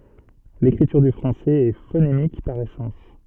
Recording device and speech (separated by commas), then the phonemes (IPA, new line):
soft in-ear microphone, read sentence
lekʁityʁ dy fʁɑ̃sɛz ɛ fonemik paʁ esɑ̃s